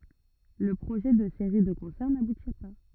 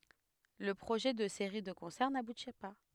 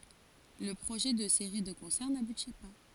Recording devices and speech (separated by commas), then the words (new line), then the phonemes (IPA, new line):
rigid in-ear microphone, headset microphone, forehead accelerometer, read sentence
Le projet de séries de concerts n'aboutit pas.
lə pʁoʒɛ də seʁi də kɔ̃sɛʁ nabuti pa